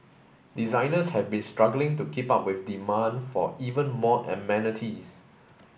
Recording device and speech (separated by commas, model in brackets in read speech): boundary microphone (BM630), read sentence